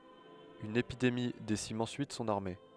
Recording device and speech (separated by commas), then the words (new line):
headset microphone, read sentence
Une épidémie décime ensuite son armée.